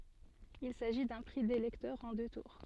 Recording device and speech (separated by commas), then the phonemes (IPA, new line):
soft in-ear microphone, read sentence
il saʒi dœ̃ pʁi de lɛktœʁz ɑ̃ dø tuʁ